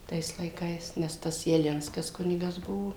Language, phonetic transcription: Lithuanian, ˈtais laiˈkais nes ˈtas jaˈlinskas ˈkunigas ˈbuvo

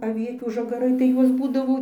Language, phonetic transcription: Lithuanian, aˈvietių žaˈgarai tai ˈjuos ˈbūdavo

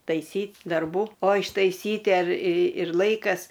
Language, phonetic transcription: Lithuanian, taiˈsyt' darˈbų o ištaiˈsyti ar i ir ˈlaikas

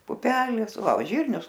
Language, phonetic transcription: Lithuanian, puˈpelės ˈva o ˈžyrnius

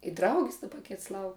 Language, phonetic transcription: Lithuanian, i ˈdraugis daˈba ˈkits ˈlauk

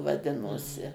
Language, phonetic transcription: Lithuanian, vaˈdinosi

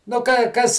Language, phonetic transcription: Lithuanian, nu kai ˈkas

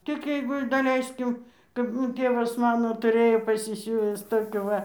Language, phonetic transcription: Lithuanian, tik ˈjeigu ir daˈleiskim kap ˈmū ˈtėvas ˈmano tuˈrėjo pasisiūvis ˈtokių ˈva

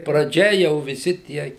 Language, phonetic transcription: Lithuanian, praˈdžia jau viˈsi ˈtie

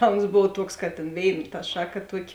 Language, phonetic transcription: Lithuanian, ˈta ons ˈbov ˈtuoks kad tėn ˈvėin ta ˈšaˌka ˈtuoˌki

